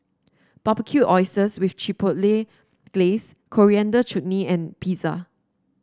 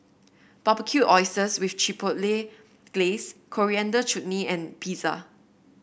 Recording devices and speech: standing microphone (AKG C214), boundary microphone (BM630), read sentence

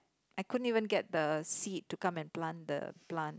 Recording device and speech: close-talking microphone, conversation in the same room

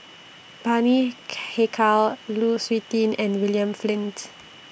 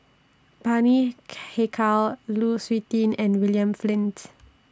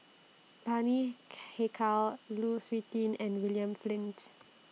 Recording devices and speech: boundary microphone (BM630), standing microphone (AKG C214), mobile phone (iPhone 6), read sentence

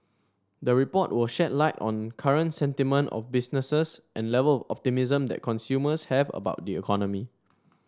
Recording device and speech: standing microphone (AKG C214), read sentence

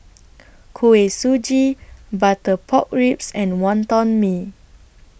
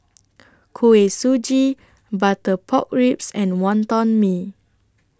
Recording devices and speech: boundary microphone (BM630), standing microphone (AKG C214), read sentence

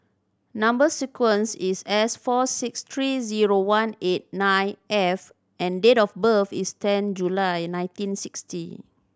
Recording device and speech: standing microphone (AKG C214), read sentence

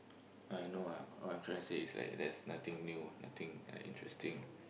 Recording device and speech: boundary microphone, conversation in the same room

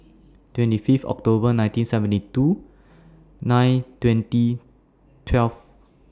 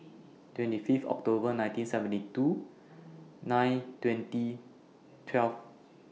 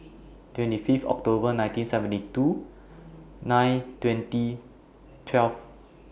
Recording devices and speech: standing microphone (AKG C214), mobile phone (iPhone 6), boundary microphone (BM630), read sentence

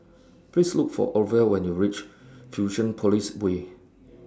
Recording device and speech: standing microphone (AKG C214), read sentence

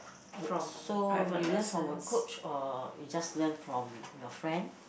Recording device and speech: boundary microphone, conversation in the same room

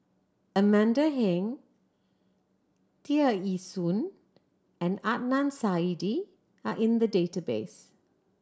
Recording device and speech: standing microphone (AKG C214), read sentence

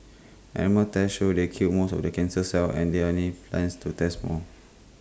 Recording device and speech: close-talking microphone (WH20), read sentence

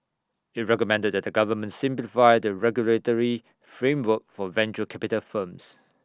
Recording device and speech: standing microphone (AKG C214), read sentence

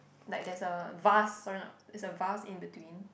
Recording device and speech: boundary microphone, conversation in the same room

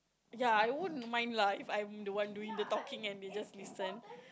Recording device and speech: close-talking microphone, conversation in the same room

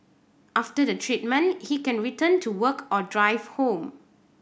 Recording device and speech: boundary microphone (BM630), read sentence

